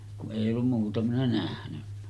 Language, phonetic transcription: Finnish, ku’ ’èi ollum muuta minä nähnyɴɴᴀ̈ .
- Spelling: kun ei ollut muuta minä nähnyt

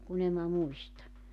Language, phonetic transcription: Finnish, 'kun ‿em mä 'muista .
- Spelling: kun en minä muista

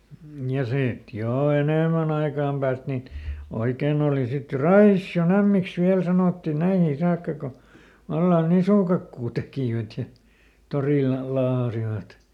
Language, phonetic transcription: Finnish, ja ˈsìt ˈjò ˈenèmän ‿aikàm pääst nin , ˈoikèn ‿ooli sit jo "Raissi₍o"n ‿ämmiks ˈviäl sanòttì ˈnäihii ˈsaakka ko , ˈvallan "nisùkakkuu ˈtekìvät ja , ˈtorìl̆la ˈlaahasivat .
- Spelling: ja sitten jo enemmän ajan päästä niin oikein oli sitten jo Raision ämmiksi vielä sanottiin näihin saakka kun vallan nisukakkua tekivät ja torilla laahasivat

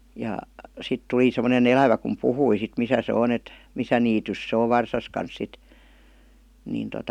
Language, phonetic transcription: Finnish, ja , 'sit 'tuli semmone"n ‿elävä kum "puhui sit 'misä se 'on ‿et , "misä niitys se ov "varsas kans 'sit , niin tota ,.
- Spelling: ja sitten tuli semmoinen elävä kun puhui sitten missä se on että missä niityssä se on varsansa kanssa sitten niin tuota

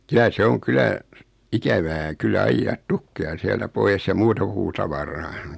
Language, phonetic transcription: Finnish, kylä se 'oŋ 'kylä , 'ikävää 'kyllä 'aijjaat "tukkeja siältä 'poi₍es ja 'muuta puutavaraa .
- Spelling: kyllä se on kyllä ikävää kyllä ajaa tukkeja sieltä pois ja muuta puutavaraa

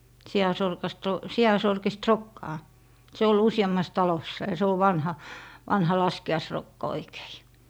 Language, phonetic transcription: Finnish, 'si₍asorkast ‿o , 'si₍asorkist "rokkaa , se ol 'usi₍ammas 'talossa , ja se ov 'vanha , 'vanha 'laski₍aisrokka oikEI .
- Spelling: siansorkasta on siansorkista rokkaa se oli useammassa talossa ja se on vanha vanha laskiaisrokka oikein

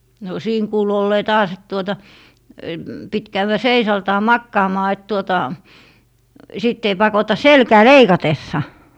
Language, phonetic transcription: Finnish, no 'siin kuulu ollee 'taas et tuota , 'pit käywä "seisaaltaa "makkaamaa et tuota , sìtt ‿ei 'pakota "selkää "leikatessa .
- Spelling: no siinä kuului olleen taas että tuota piti käydä seisaaltaan makaamaan että tuota sitten ei pakota selkää leikatessa

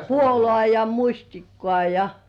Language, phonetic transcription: Finnish, puolŏ§à 'ja "muśtikkŏ§à 'ja .
- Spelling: puolukkaa ja mustikkaa ja

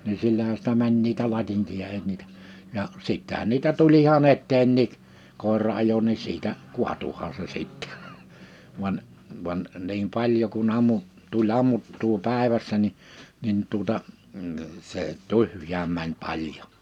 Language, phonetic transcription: Finnish, ni 'sillähä sⁱtä 'mäń niitä 'latiŋkiʲa (eij ‿ol)t niitä , ja , 'sittähän niitä 'tul ‿iha'n ‿etteenniik , 'kòera ajo ni 'siitä , "kuatuhaa se 'sittᴇ vᵘan , vᵘan , niim 'paĺjo ku'n ‿ammu- , tu'ĺ ‿ammuttuu 'pä̀evässä ni , 'nin tuᵒta , m̥ 'see "tyhj̀ääm mäń 'paljo .
- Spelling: niin sillähän sitä meni niitä latinkia ei ollut niitä ja sittenhän niitä tuli ihan eteenkin koira ajoi niin siitä kaatuihan se sitten vain vain niin paljon kun - tuli ammuttua päivässä niin niin tuota - se tyhjään meni paljon

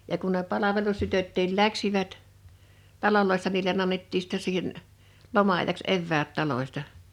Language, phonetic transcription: Finnish, ja kun ne 'palavelustytöttiil 'läksivät , 'taidoissa niilen ‿annettii sⁱttɛ siihen , 'loma₍aⁱjaks 'evväät 'talośta .
- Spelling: ja kun ne palvelustytötkin lähtivät taloissa niille annettiin sitten siihen loma-ajaksi eväät talosta

